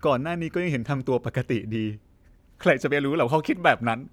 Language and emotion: Thai, sad